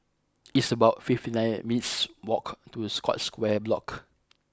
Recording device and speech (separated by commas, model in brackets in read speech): close-talking microphone (WH20), read sentence